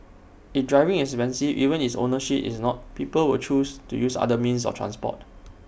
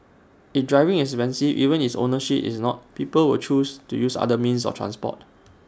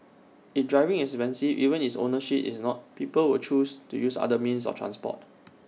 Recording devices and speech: boundary microphone (BM630), standing microphone (AKG C214), mobile phone (iPhone 6), read sentence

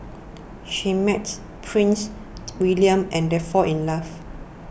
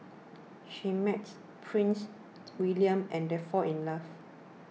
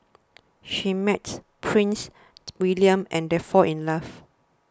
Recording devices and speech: boundary microphone (BM630), mobile phone (iPhone 6), standing microphone (AKG C214), read sentence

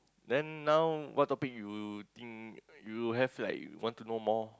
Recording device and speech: close-talking microphone, conversation in the same room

